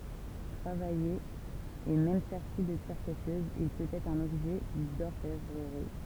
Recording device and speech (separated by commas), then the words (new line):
temple vibration pickup, read sentence
Travaillé et même serti de pierres précieuses, il peut être un objet d'orfèvrerie.